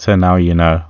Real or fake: real